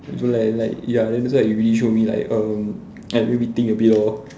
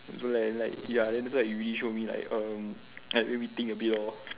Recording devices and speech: standing microphone, telephone, conversation in separate rooms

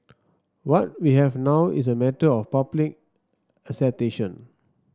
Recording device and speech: standing microphone (AKG C214), read sentence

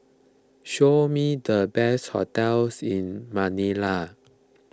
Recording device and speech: close-talking microphone (WH20), read sentence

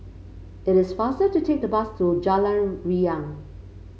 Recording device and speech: mobile phone (Samsung C5), read sentence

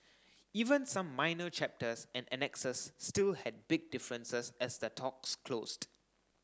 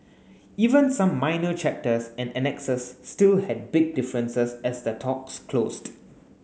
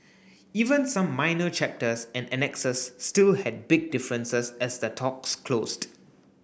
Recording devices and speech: standing microphone (AKG C214), mobile phone (Samsung S8), boundary microphone (BM630), read sentence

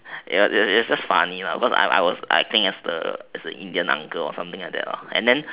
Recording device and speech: telephone, conversation in separate rooms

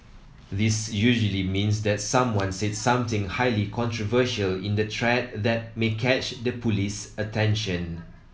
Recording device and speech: mobile phone (iPhone 7), read sentence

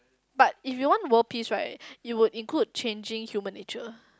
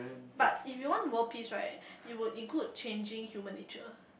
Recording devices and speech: close-talking microphone, boundary microphone, conversation in the same room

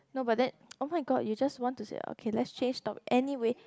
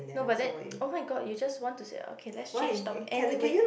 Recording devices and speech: close-talking microphone, boundary microphone, conversation in the same room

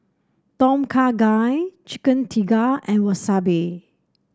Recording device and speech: standing microphone (AKG C214), read sentence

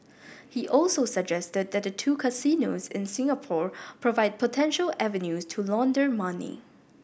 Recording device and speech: boundary microphone (BM630), read sentence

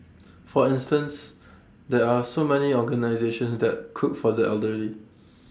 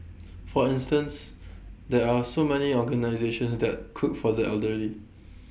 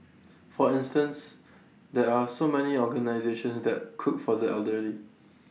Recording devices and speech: standing microphone (AKG C214), boundary microphone (BM630), mobile phone (iPhone 6), read sentence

